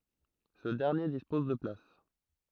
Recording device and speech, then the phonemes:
throat microphone, read sentence
sə dɛʁnje dispɔz də plas

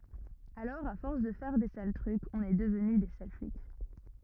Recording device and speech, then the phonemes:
rigid in-ear microphone, read sentence
alɔʁ a fɔʁs də fɛʁ de sal tʁykz ɔ̃n ɛ dəvny de sal flik

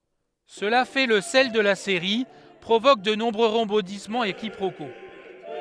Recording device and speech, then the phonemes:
headset microphone, read sentence
səla fɛ lə sɛl də la seʁi pʁovok də nɔ̃bʁø ʁəbɔ̃dismɑ̃z e kipʁoko

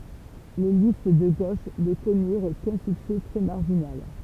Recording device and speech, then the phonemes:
temple vibration pickup, read sentence
le list də ɡoʃ nə kɔnyʁ kœ̃ syksɛ tʁɛ maʁʒinal

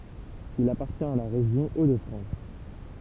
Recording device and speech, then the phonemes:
temple vibration pickup, read sentence
il apaʁtjɛ̃t a la ʁeʒjɔ̃ o də fʁɑ̃s

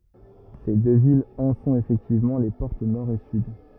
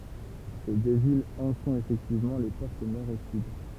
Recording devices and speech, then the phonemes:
rigid in-ear microphone, temple vibration pickup, read sentence
se dø vilz ɑ̃ sɔ̃t efɛktivmɑ̃ le pɔʁt nɔʁ e syd

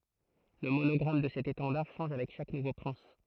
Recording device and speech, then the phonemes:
throat microphone, read sentence
lə monɔɡʁam də sɛt etɑ̃daʁ ʃɑ̃ʒ avɛk ʃak nuvo pʁɛ̃s

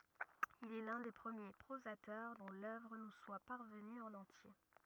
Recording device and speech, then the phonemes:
rigid in-ear microphone, read sentence
il ɛ lœ̃ de pʁəmje pʁozatœʁ dɔ̃ lœvʁ nu swa paʁvəny ɑ̃n ɑ̃tje

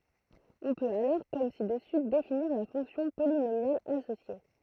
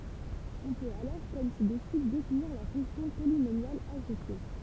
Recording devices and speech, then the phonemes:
throat microphone, temple vibration pickup, read sentence
ɔ̃ pøt alɔʁ kɔm si dəsy definiʁ la fɔ̃ksjɔ̃ polinomjal asosje

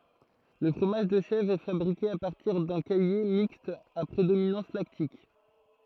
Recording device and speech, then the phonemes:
throat microphone, read sentence
lə fʁomaʒ də ʃɛvʁ ɛ fabʁike a paʁtiʁ dœ̃ kaje mikst a pʁedominɑ̃s laktik

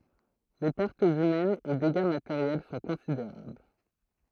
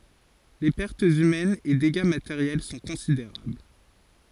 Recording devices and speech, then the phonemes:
throat microphone, forehead accelerometer, read sentence
le pɛʁtz ymɛnz e deɡa mateʁjɛl sɔ̃ kɔ̃sideʁabl

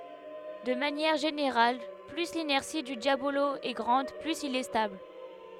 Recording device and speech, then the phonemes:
headset microphone, read sentence
də manjɛʁ ʒeneʁal ply linɛʁsi dy djabolo ɛ ɡʁɑ̃d plyz il ɛ stabl

